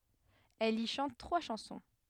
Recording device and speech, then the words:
headset microphone, read sentence
Elle y chante trois chansons.

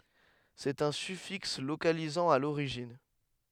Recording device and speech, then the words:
headset microphone, read sentence
C'est un suffixe localisant à l'origine.

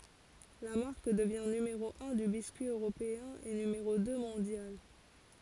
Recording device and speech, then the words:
forehead accelerometer, read sentence
La marque devient numéro un du biscuit européen et numéro deux mondial.

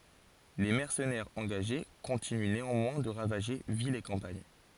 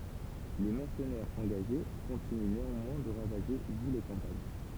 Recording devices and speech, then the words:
forehead accelerometer, temple vibration pickup, read sentence
Les mercenaires engagés continuent néanmoins de ravager villes et campagne.

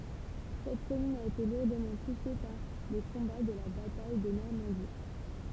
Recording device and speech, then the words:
temple vibration pickup, read sentence
Cette commune a été lourdement touchée par les combats de la bataille de Normandie.

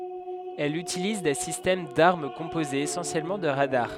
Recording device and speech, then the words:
headset microphone, read sentence
Elle utilise des systèmes d'armes composés essentiellement de radars.

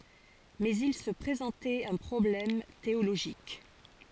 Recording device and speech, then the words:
forehead accelerometer, read sentence
Mais il se présentait un problème théologique.

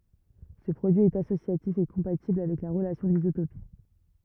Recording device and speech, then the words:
rigid in-ear microphone, read sentence
Ce produit est associatif et compatible avec la relation d'isotopie.

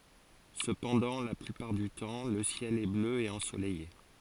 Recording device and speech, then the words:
forehead accelerometer, read sentence
Cependant, la plupart du temps, le ciel est bleu et ensoleillé.

